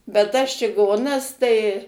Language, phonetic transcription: Lithuanian, bet tas čiˈgonas tai

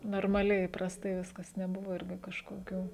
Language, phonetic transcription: Lithuanian, normaˈliai įprasˈtai ˈviskas neˈbuvo ˈirgi kažkoˈkių

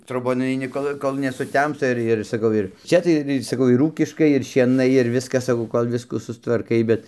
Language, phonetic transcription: Lithuanian, troˈbon nuaiˈni ˈkol kol nesuˈtemsta ˈir ir saˈkau ir ˈčia tai ir ir saˈkau ir ˈūkiškai ir šieˈnai ir ˈviskas saˈkau kol ˈviskų sustvarˈkai ˈbet

